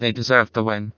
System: TTS, vocoder